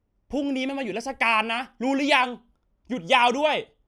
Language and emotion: Thai, angry